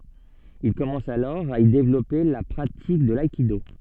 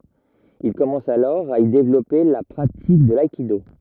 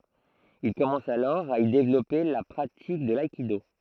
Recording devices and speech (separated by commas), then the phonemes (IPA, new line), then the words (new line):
soft in-ear microphone, rigid in-ear microphone, throat microphone, read sentence
il kɔmɑ̃s alɔʁ a i devlɔpe la pʁatik də laikido
Il commence alors à y développer la pratique de l'aïkido.